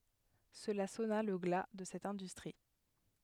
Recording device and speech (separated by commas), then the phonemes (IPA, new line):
headset microphone, read sentence
səla sɔna lə ɡla də sɛt ɛ̃dystʁi